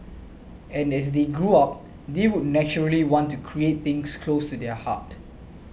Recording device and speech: boundary microphone (BM630), read sentence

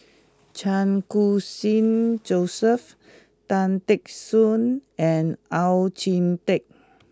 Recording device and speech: close-talking microphone (WH20), read sentence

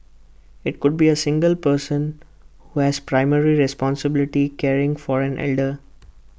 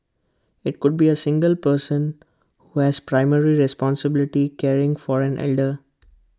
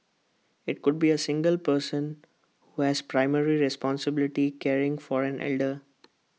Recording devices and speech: boundary microphone (BM630), close-talking microphone (WH20), mobile phone (iPhone 6), read sentence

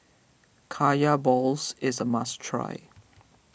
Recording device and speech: boundary microphone (BM630), read sentence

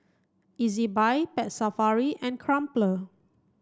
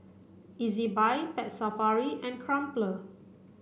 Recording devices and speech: standing microphone (AKG C214), boundary microphone (BM630), read sentence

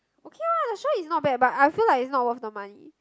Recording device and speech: close-talking microphone, conversation in the same room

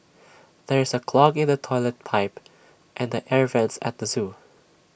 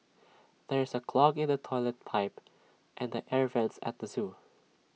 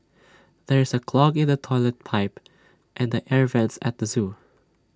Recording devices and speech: boundary microphone (BM630), mobile phone (iPhone 6), standing microphone (AKG C214), read sentence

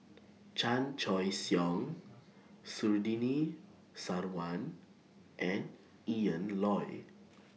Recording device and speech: mobile phone (iPhone 6), read sentence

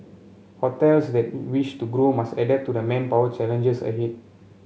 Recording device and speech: mobile phone (Samsung C7), read sentence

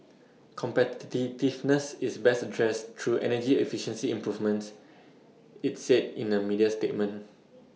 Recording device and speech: mobile phone (iPhone 6), read sentence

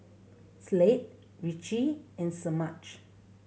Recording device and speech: mobile phone (Samsung C7100), read sentence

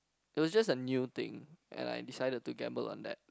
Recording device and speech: close-talking microphone, conversation in the same room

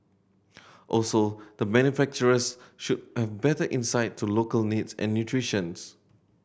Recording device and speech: boundary microphone (BM630), read sentence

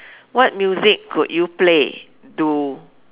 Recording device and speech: telephone, conversation in separate rooms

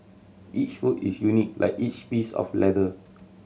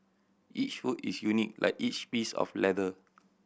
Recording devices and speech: mobile phone (Samsung C7100), boundary microphone (BM630), read sentence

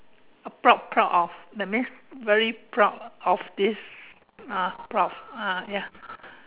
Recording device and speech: telephone, conversation in separate rooms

